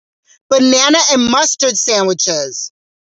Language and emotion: English, neutral